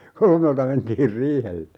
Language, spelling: Finnish, kolmelta mentiin riihelle
- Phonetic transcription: "kolmelta 'mentiir "riihelle .

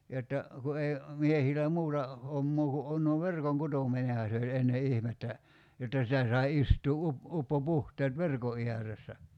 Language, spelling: Finnish, jotta kun ei miehillä muuta hommaa kun on no verkonkutominenhan se oli ennen ihmettä jotta sitä sai istua - uppopuhteet verkon ääressä
- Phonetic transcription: jotta , ku 'ei , 'miehilä "muuta , 'hommoo ku 'on no "verkoŋ'kutomineha se oĺ 'enne 'ihmettä , jotta sitä sai 'istuu 'up- , 'uppo'puhteet "verko 'iäressä .

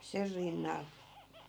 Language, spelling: Finnish, sen rinnalla
- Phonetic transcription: 'ser rinnal .

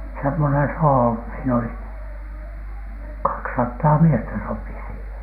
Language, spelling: Finnish, semmoinen soho siinä oli kaksisataa miestä sopi siihen
- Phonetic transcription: semmonen 'soho , siin ‿oli , 'kaksattaa 'miestä sopi siihen .

